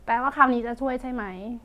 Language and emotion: Thai, neutral